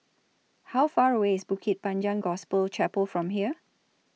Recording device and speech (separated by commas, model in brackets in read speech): mobile phone (iPhone 6), read sentence